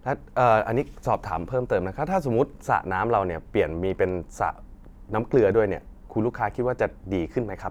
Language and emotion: Thai, neutral